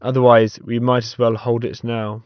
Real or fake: real